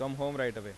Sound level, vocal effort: 91 dB SPL, normal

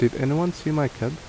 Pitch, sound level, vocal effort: 145 Hz, 76 dB SPL, normal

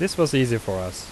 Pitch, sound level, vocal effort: 115 Hz, 84 dB SPL, normal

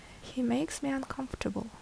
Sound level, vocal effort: 69 dB SPL, soft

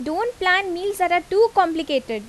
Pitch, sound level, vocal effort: 360 Hz, 88 dB SPL, very loud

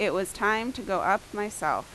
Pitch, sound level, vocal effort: 205 Hz, 87 dB SPL, loud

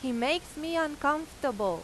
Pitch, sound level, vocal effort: 295 Hz, 91 dB SPL, very loud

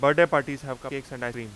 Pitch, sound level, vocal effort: 135 Hz, 96 dB SPL, very loud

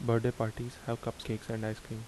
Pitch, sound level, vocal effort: 115 Hz, 76 dB SPL, soft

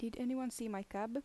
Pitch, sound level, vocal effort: 230 Hz, 81 dB SPL, soft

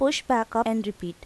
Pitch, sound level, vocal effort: 225 Hz, 85 dB SPL, normal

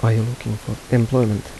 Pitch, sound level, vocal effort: 115 Hz, 78 dB SPL, soft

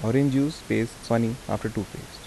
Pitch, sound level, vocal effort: 115 Hz, 79 dB SPL, soft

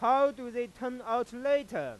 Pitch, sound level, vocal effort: 250 Hz, 103 dB SPL, loud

